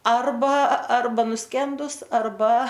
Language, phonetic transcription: Lithuanian, ˈarba ˈarba nuˈskendus arˈba

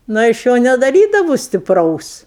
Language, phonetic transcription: Lithuanian, ˈnu i ˈaš ˈjo nedaˈrydavu stipˈraus

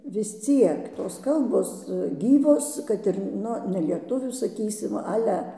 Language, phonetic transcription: Lithuanian, vis ˈciek tos ˈkalbos ˈgyvos ˈkad ir ˈnu nelieˈtuvių saˈkysim ˈale

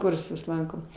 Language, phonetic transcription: Lithuanian, ˈkursus ˈlankom

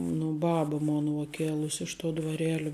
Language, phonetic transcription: Lithuanian, nu ˈbaba ˈmona uo ˈkėlus' ˈiš ˌtuo dvarˈėli

